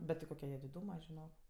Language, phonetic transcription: Lithuanian, ˈbet ti ˈkoke jie diˈdūma žiˈnok

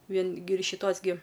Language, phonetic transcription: Lithuanian, ˈvien gi ir šiˈtos gi

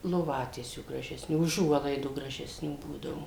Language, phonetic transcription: Lithuanian, loˈvatiesių gražesˈnių uˈžuolaidų gražesˈnių ˈbūdavu

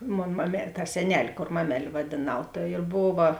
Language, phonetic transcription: Lithuanian, ˈmon mame ta seˈnel' ˈkor ˈmamel' vadėˈnau ta ir ˈbova

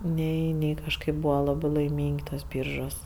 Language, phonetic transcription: Lithuanian, ˈnei ˈnei kažˈkaip ˈbūva ˈlabɜ laiˈmyng' ˈtuos ˈbyržuos

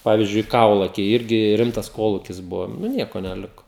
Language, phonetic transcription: Lithuanian, ˈpavyzdžiui ˈkaulakiai ˈirgi ˈrimtas ˈkolūkis ˈbuvo nu ˈnieko neˈliko

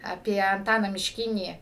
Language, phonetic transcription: Lithuanian, aˈpie anˈtaną mišˈkinį

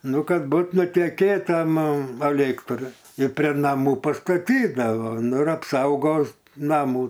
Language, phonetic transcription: Lithuanian, ˈnu ˈkad ˈbūt nuteˈkėt ˈtam aˈlėktr i prė naˈmų pastaˈtydavo ˈnu ir apˈsaugos ˈnamų

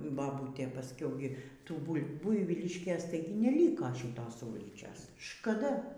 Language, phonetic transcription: Lithuanian, baˈbūtė pasˈkiau gi ˈtų ˈbul' ˈbuivyliškės ˈtaigi neˈlyko šyˈtos ˈūlyčios škaˈda

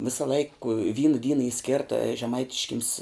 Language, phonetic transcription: Lithuanian, ˈvisa laik vyn ˈdyna y ˈskėrta žeˈmaitiškims

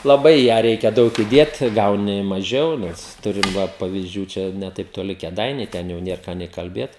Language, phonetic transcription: Lithuanian, laˈbai i ˈją ˈreikia ˈdaug iˈdėt ˈgauni maˈžiau ˈnes ˈturim ˈva pavizˈdžių ˈčia ne taip toˈli kėˈdainiai ˈten jau ˈnier ką nė kalˈbėt

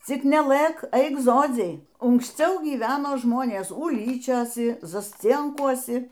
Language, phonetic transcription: Lithuanian, ˈcik neˈlɘ k ˈaik ˈzodziai unksˈciau gyˈvenoˈ žmonės uˈlyčiosi zasˈcienkuosi

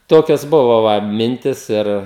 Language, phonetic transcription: Lithuanian, ˈtokios ˈbuva ˈva ˈmintis ˈir

